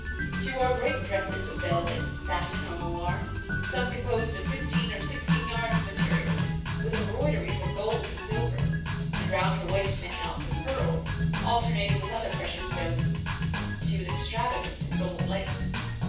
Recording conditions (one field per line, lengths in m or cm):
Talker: one person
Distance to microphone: 9.8 m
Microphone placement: far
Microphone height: 1.8 m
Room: large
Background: music